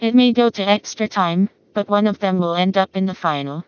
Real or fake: fake